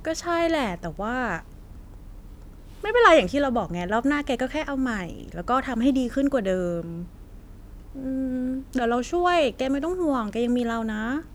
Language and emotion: Thai, neutral